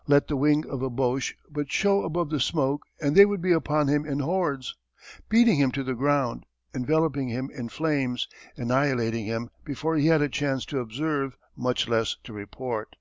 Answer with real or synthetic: real